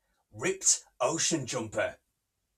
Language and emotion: English, angry